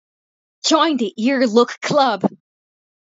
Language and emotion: English, disgusted